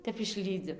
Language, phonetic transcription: Lithuanian, ˈtep išˈlydzi

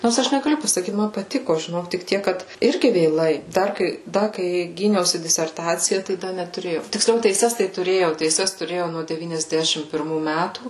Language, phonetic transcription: Lithuanian, ˈnors ˈaš negaˈliu pasaˈkyt man paˈtiko žiˈnok tik ˈtiek ˈkad ˈirgi vėˈlai ˈdar kai ˈda kai ˈgyniausi diserˈtacija tai ˈda netuˈrėjau tiksˈliau teiˈses tai tuˈrėjau teiˈses tuˈrėjau nuo devyniasˈdešim pirˈmų ˈmætų

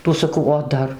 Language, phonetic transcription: Lithuanian, ˈtų saˈkau o ˈdar

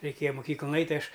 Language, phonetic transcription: Lithuanian, reiˈkėja muˈkyklun ˈait' tai ˈaš

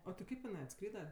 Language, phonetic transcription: Lithuanian, o ti ˈkaip iˈnai atˈskryda

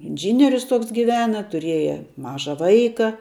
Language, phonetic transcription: Lithuanian, inˈžynirius ˈtoks giˈvena tuˈrieja ˈmaža ˈvaika

